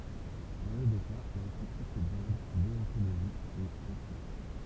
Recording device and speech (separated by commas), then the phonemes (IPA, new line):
temple vibration pickup, read sentence
dɑ̃ le dø ka la kʁitik ɛ dɔʁdʁ deɔ̃toloʒik e etik